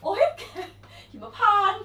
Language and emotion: Thai, happy